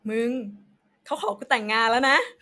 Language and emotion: Thai, happy